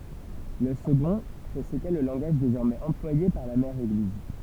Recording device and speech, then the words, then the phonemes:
temple vibration pickup, read sentence
Le second, que c'était le langage désormais employé par la mère Église.
lə səɡɔ̃ kə setɛ lə lɑ̃ɡaʒ dezɔʁmɛz ɑ̃plwaje paʁ la mɛʁ eɡliz

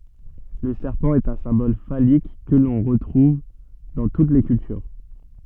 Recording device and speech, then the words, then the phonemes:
soft in-ear microphone, read sentence
Le serpent est un symbole phallique que l'on retrouve dans toutes les cultures.
lə sɛʁpɑ̃ ɛt œ̃ sɛ̃bɔl falik kə lɔ̃ ʁətʁuv dɑ̃ tut le kyltyʁ

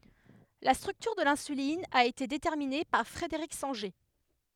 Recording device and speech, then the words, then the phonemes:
headset microphone, read sentence
La structure de l'insuline a été déterminée par Frederick Sanger.
la stʁyktyʁ də lɛ̃sylin a ete detɛʁmine paʁ fʁədəʁik sɑ̃ʒe

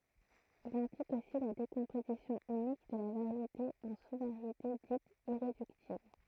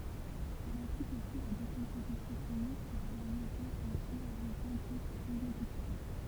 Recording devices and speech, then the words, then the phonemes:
throat microphone, temple vibration pickup, read sentence
Il implique aussi la décomposition unique de la variété en sous-variétés dites irréductibles.
il ɛ̃plik osi la dekɔ̃pozisjɔ̃ ynik də la vaʁjete ɑ̃ su vaʁjete ditz iʁedyktibl

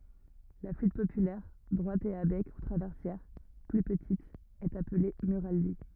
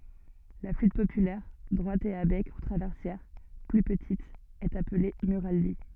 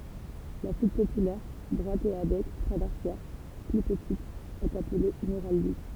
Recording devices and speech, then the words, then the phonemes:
rigid in-ear microphone, soft in-ear microphone, temple vibration pickup, read sentence
La flûte populaire, droite et à bec ou traversière, plus petite, est appelée murali.
la flyt popylɛʁ dʁwat e a bɛk u tʁavɛʁsjɛʁ ply pətit ɛt aple myʁali

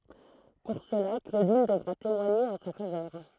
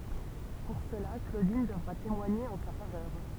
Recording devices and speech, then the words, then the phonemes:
throat microphone, temple vibration pickup, read sentence
Pour cela, Claudine devra témoigner en sa faveur.
puʁ səla klodin dəvʁa temwaɲe ɑ̃ sa favœʁ

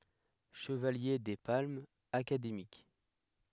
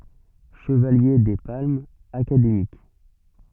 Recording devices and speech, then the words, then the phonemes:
headset microphone, soft in-ear microphone, read sentence
Chevalier des Palmes Académiques.
ʃəvalje de palmz akademik

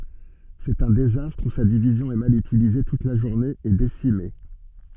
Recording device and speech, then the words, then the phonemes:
soft in-ear microphone, read sentence
C'est un désastre où sa division est mal utilisée toute la journée et décimée.
sɛt œ̃ dezastʁ u sa divizjɔ̃ ɛ mal ytilize tut la ʒuʁne e desime

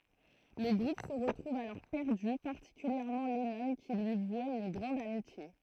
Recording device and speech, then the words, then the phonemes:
throat microphone, read sentence
Le groupe se retrouve alors perdu, particulièrement Lennon qui lui vouait une grande amitié.
lə ɡʁup sə ʁətʁuv alɔʁ pɛʁdy paʁtikyljɛʁmɑ̃ lɛnɔ̃ ki lyi vwɛt yn ɡʁɑ̃d amitje

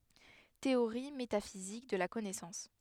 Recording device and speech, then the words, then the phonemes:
headset microphone, read sentence
Théorie métaphysique de la connaissance.
teoʁi metafizik də la kɔnɛsɑ̃s

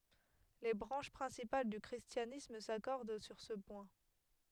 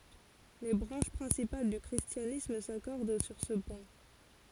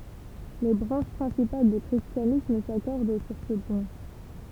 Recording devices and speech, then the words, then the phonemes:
headset microphone, forehead accelerometer, temple vibration pickup, read sentence
Les branches principales du christianisme s'accordent sur ce point.
le bʁɑ̃ʃ pʁɛ̃sipal dy kʁistjanism sakɔʁd syʁ sə pwɛ̃

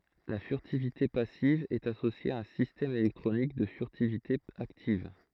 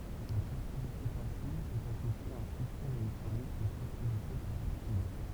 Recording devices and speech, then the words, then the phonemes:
throat microphone, temple vibration pickup, read sentence
La furtivité passive est associée à un système électronique de furtivité active.
la fyʁtivite pasiv ɛt asosje a œ̃ sistɛm elɛktʁonik də fyʁtivite aktiv

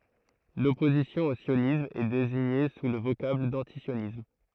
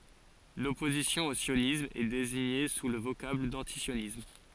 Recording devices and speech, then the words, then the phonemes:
throat microphone, forehead accelerometer, read sentence
L'opposition au sionisme est désignée sous le vocable d'antisionisme.
lɔpozisjɔ̃ o sjonism ɛ deziɲe su lə vokabl dɑ̃tisjonism

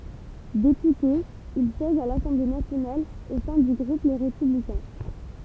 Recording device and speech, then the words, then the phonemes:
temple vibration pickup, read sentence
Député, il siège à l'Assemblée nationale au sein du groupe Les Républicains.
depyte il sjɛʒ a lasɑ̃ble nasjonal o sɛ̃ dy ɡʁup le ʁepyblikɛ̃

